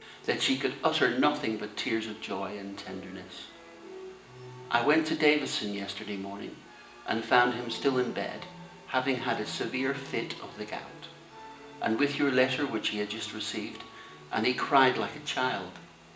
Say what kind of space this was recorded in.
A spacious room.